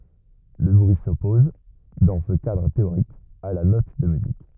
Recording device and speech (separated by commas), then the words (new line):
rigid in-ear microphone, read sentence
Le bruit s'oppose, dans ce cadre théorique, à la note de musique.